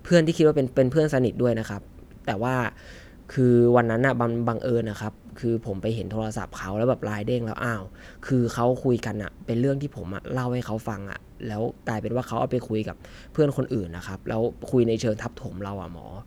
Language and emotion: Thai, frustrated